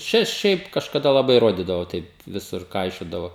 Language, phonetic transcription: Lithuanian, ˈčia ˈšiaip kažkaˈda laˈbai ˈrodydavo ˈtaip ˈvisur ˈkaišiodavo

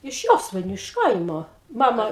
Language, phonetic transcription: Lithuanian, iš ˈjosvainiu iš ˈkaimo ˈmama

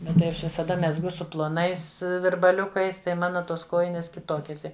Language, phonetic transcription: Lithuanian, ˈbet tai ˈaš visaˈda mezˈgu su ploˈnais virbaˈliukais tai ˈmana ˈtos ˈkojinės kiˈtokės ia

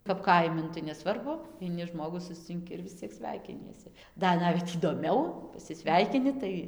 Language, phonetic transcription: Lithuanian, kap ˈkaimi ˈnu tai neˈsvarbu aiˈni ˈžmogų suscinˈki ir vis ˈciek ˈsveikiniesi ˈdar ˈnavet įdoˈmiau pasiˈsveikini ˈtai

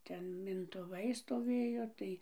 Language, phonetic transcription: Lithuanian, ˈten mintuˈvai stoˈvėjo ˈtai

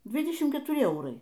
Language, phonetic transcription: Lithuanian, ˈdvydešim ketuˈri ˈeurai

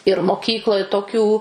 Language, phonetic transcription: Lithuanian, ir moˈkykloj toˈkių

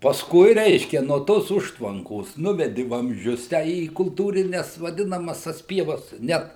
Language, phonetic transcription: Lithuanian, pasˈkui ˈreiškia nuo ˈtos ˈužtvankos ˈnuvedi vamzˈdžius tę į kulˈtūrines vaˈdinamas tas ˈpievas ˈnet

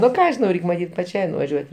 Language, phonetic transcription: Lithuanian, nu ˈką žiˈnau ˈreik' maˈtyt paˈčiai nuvaˈžiuot'

